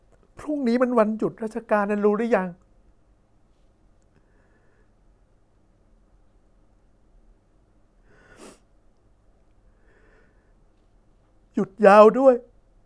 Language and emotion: Thai, sad